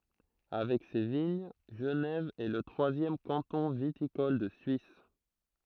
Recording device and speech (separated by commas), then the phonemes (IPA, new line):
throat microphone, read sentence
avɛk se də viɲ ʒənɛv ɛ lə tʁwazjɛm kɑ̃tɔ̃ vitikɔl də syis